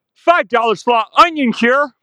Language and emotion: English, surprised